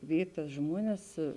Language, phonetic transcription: Lithuanian, ˈvyj tas ˈžmuones

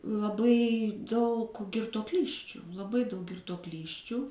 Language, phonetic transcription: Lithuanian, laˈbai daug girtuoˈklysčiu laˈbai daug girtuoˈklysčių

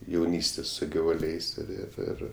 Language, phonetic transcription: Lithuanian, jauˈnystės su givuˈliais ir ir ˈir

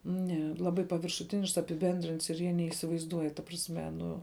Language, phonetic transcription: Lithuanian, ne ˈlabai paviršuˈtinišks apiˈbendrints ir ˈjie neįsivaizˈduoj ta prasˈme ˈnu

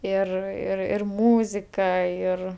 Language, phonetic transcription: Lithuanian, ˈir ir ir ˈmūzika ˈir

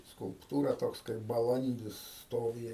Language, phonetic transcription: Lithuanian, skulpˈtūra ˈtoks kaip baˈlandis ˈstovi

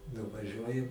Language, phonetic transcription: Lithuanian, nuvaˈžiuoju

